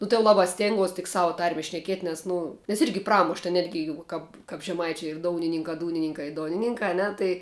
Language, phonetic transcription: Lithuanian, ˈnu tai jau ˈlabā ˈstėnguos tik ˈsavu ˈtarme šneˈkiet' nes ˈnu nes ˈirgi ˈpramuš ta ˈnetgi jau ˈkap kap žeˈmaičiu ir ˈdounininkā ˈdūnininkā i ˈdonininkā a ˈne tai

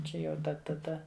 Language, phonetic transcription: Lithuanian, ˈčia jau ˈda taˈda

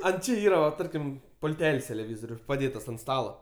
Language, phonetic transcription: Lithuanian, ant ˈči ˈyra va ˈtarkim pulˈtel's' teleˈvyzoriu paˈdėtas ant ˈstalo

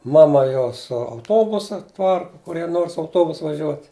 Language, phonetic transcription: Lithuanian, ˈmama ˈjo su auˈtobusa ˈparku kuˈrie ˈnor su auˈtobusu vaˈžiuot'

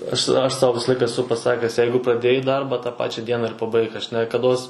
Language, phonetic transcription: Lithuanian, ˈaš ˈaš ˈsau ˈvisa ˈlaika eˈsu paˈsakęs ˈjeigu praˈdėjai ˈdarba tą ˈpačia ˈdiena ir paˈbaik aš nekaˈdos

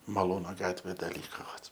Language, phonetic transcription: Lithuanian, maˈlūno ˈgatvė da ˈlyko vat

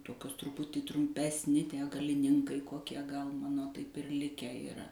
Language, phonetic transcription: Lithuanian, ˈtokios truˈputį trumˈpesˌni ˈtie galiˈninkai koˈkie gal ˈmano taip ir ˈlikę yˈra

